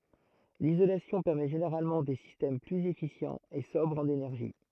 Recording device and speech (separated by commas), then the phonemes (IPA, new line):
throat microphone, read sentence
lizolasjɔ̃ pɛʁmɛ ʒeneʁalmɑ̃ de sistɛm plyz efisjɑ̃z e sɔbʁz ɑ̃n enɛʁʒi